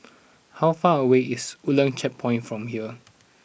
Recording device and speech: boundary microphone (BM630), read sentence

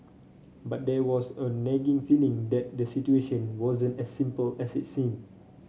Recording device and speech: mobile phone (Samsung C5), read sentence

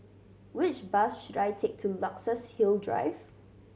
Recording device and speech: mobile phone (Samsung C7100), read sentence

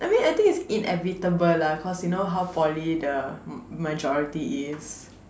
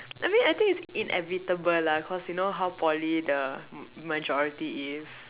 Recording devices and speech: standing microphone, telephone, conversation in separate rooms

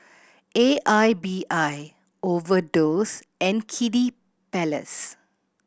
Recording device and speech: boundary microphone (BM630), read sentence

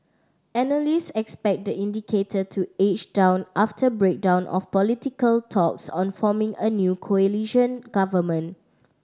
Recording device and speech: standing microphone (AKG C214), read sentence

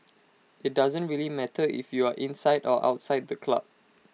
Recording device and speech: mobile phone (iPhone 6), read sentence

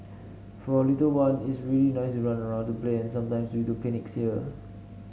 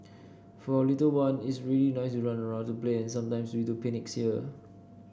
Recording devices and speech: mobile phone (Samsung S8), boundary microphone (BM630), read sentence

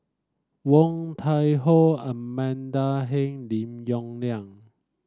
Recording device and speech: standing microphone (AKG C214), read sentence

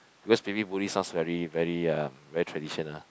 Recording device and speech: close-talking microphone, conversation in the same room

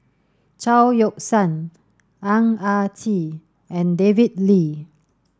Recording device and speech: standing microphone (AKG C214), read sentence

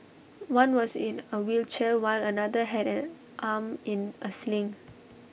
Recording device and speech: boundary microphone (BM630), read sentence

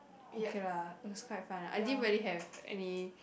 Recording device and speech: boundary microphone, conversation in the same room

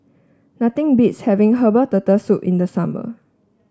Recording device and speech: standing microphone (AKG C214), read sentence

